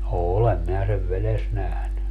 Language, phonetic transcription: Finnish, "òlem minä sev "veles 'nähny .
- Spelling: olen minä sen vedessä nähnyt

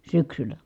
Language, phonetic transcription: Finnish, syksylä .
- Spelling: syksyllä

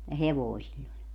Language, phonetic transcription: Finnish, ja 'hevoi̮ siĺĺ ‿oĺ .
- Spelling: ja hevonen sillä oli

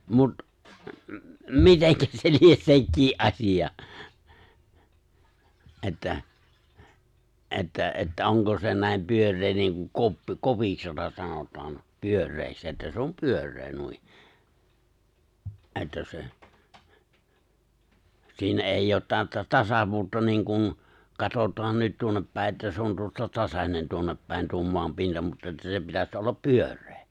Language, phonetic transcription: Finnish, 'mut , "miteŋkä se 'lies 'sekkii’ '’aśiʲa , '’että , '’että ’että '’oŋko se nä̀em 'pyör̆ree niiŋkuŋ 'koppi 'kopiks jota 'sanot̀aan , 'pyör̆reeks että se 'om 'pyör̆ree 'nui , '’e̬ttä se , 'siinä '’èijj ‿oot 'tää§ttä "tasavuutta 'niiŋ kun , 'katot̀aan nyt 'tuonnep pä̀e ’että 'se on tuosta 'tasaǹen 'tuonnep pä̀en tuo 'moam 'pinta mutta että se 'pitäs '’ollap "pyör̆ree .
- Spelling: mutta miten se lie sekin asia että että että onko se näin pyöreä niin kuin koppi kopiksi jota sanotaan pyöreäksi että se on pyöreä noin että se siinä ei ole täyttä tasavuutta niin kuin katsotaan nyt tuonne päin että se on tuosta tasainen tuonne päin tuo maan pinta mutta että se pitäisi olla pyöreä

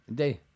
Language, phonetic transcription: Finnish, mite ?
- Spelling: miten

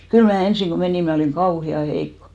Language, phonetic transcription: Finnish, 'kyl mää 'ensiŋ ko 'menìm mä oliŋ "kauhi₍a 'heikkᴏ .
- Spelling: kyllä minä ensin kun menin minä olin kauhean heikko

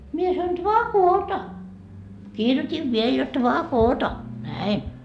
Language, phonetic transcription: Finnish, mie sanoi » "dvaa "koota » , 'kirjot́iv viel jot » "dvaa "koota » , "näin .
- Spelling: minä sanoin dvaa koota kirjoitin vielä jotta dvaa koota näin

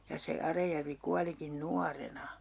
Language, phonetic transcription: Finnish, ja se 'Arajärvi 'kualikin "nuarena .
- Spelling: ja se Arajärvi kuolikin nuorena

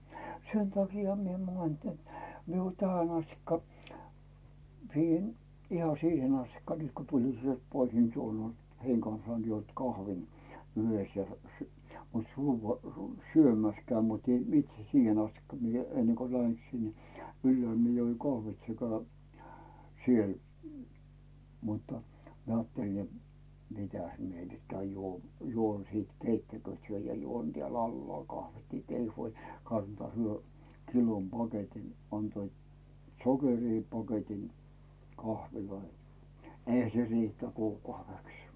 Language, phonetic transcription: Finnish, 'sen takiahᴀ mie (mainihen) net , mie o 'tähän ‿astikka , siihen , iha 'siihen ‿astikka nyt ko tulin sielt 'pois ni 'tuol ‿oĺ , "heiŋ kansaan juont 'kahvin , 'yhes ja ja sy- , mut 'suuvuo- , su- 'syömä̀s käʸm mutɪ itse "siihen ‿astikka mie , ennḙŋ ko 'lähen sinne , "yllʸä̀l mie joiŋ 'kahvit sekä , 'siel , muttᴀ , mie 'ᵒaatteli ja , » 'mitäs mie nyt käyn 'juo- , juon siit "keittäkyö̀t hyö ja "juon tᵉä̀l 'allᵒàl kahvit ni ‿t "ei huoĺ , 'kantᵒaa « , hyö 'kilom 'paketin , antoit , 'sokerii paketin , 'kahviloi , nᵉ ‿"eihä se riit̀ä 'kuukauveks .
- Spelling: sen takiahan minä mainitsen että minä on tähän asti siihen ihan siihen asti nyt kun tulin sieltä pois niin tuolla oli heidän kanssaan juonut kahvin yhdessä ja ja - mutta - - syömässä käyn mutta itse siihen asti minä ennen kun lähden sinne ylhäällä minä join kahvit sekä siellä mutta minä ajattelin ja mitäs minä nyt käyn - juon sitten keittäkööt he ja juon täällä alhaalla kahvit niin että ei huoli kantaa he kilon paketin antoivat sokeria paketin kahveja niin eihän se riitä kuukaudeksi

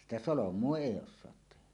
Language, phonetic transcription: Finnish, 'sitä "solom̀uo "èi 'os̆soat 'tehä .
- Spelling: sitä solmua ei osata tehdä

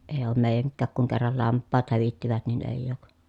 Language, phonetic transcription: Finnish, ee oom mèi̮jäŋkkääk kuŋ kerral lamppaat hävittivät nin èi̮j̆j ‿òk .
- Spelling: ei ole meidänkään kun kerran lampaat hävittivät niin ei ole

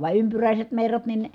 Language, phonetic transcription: Finnish, va ympyrä̀iset merrat nin ,.
- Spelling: vaan ympyräiset merrat niin

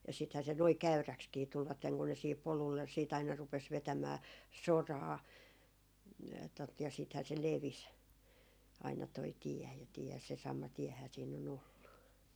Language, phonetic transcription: Finnish, ja sithä se noi "käyräkskii 'tulvatteŋ kun ne siihip 'polulle siit ‿aina rupes 'vetämää , "soraa , tot ja , siithää se "levis , aina toi 'tiɛ ja , 'tiɛ se sama 'tiɛhää siin o'n ‿ollu .
- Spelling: ja sittenhän se noin käyräksikin tulivat kun ne siihen polulle sitten aina rupesi vetämään soraa tuota ja sittenhän se levisi aina tuo tie ja tie se sama tiehän siinä on ollut

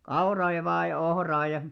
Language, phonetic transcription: Finnish, 'kauraa ja vaa ja 'ohraa ja ,.
- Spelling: kauraa ja vain ja ohraa ja

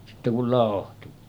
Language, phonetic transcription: Finnish, sitte kul làohtu .
- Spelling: sitten kun lauhtui

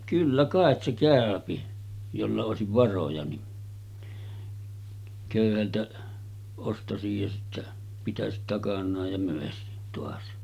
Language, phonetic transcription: Finnish, 'kyllä kàet se 'kä̀öpi , jolla òesiv 'varoja ni , 'kö̀yhältä ostasij ja sittä , 'pitäsit takan̆naaj ja 'mö̀esit toas .
- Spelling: kyllä kai se käy jolla olisi varoja niin köyhältä ostaisi ja sitten pitäisi takanaan ja myisi taas

